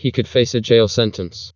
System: TTS, vocoder